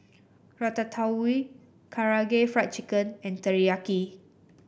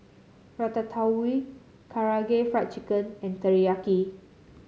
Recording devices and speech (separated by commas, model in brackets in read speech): boundary microphone (BM630), mobile phone (Samsung C7), read sentence